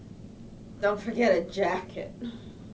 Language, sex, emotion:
English, female, neutral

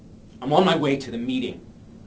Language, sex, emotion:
English, male, angry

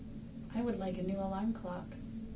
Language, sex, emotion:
English, female, neutral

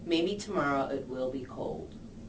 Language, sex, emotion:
English, female, neutral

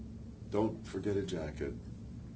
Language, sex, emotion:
English, male, neutral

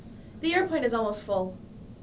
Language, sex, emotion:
English, female, neutral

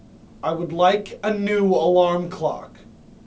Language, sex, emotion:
English, male, disgusted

